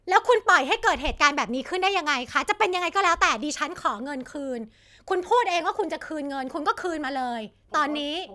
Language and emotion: Thai, angry